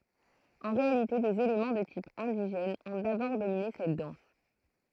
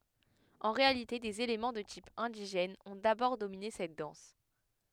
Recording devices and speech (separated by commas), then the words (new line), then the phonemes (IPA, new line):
throat microphone, headset microphone, read sentence
En réalité des éléments de type indigène ont d'abord dominé cette danse.
ɑ̃ ʁealite dez elemɑ̃ də tip ɛ̃diʒɛn ɔ̃ dabɔʁ domine sɛt dɑ̃s